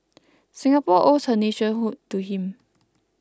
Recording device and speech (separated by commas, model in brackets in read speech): close-talking microphone (WH20), read sentence